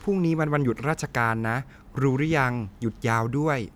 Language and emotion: Thai, neutral